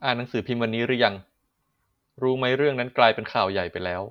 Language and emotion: Thai, neutral